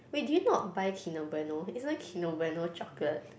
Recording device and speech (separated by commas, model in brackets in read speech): boundary microphone, conversation in the same room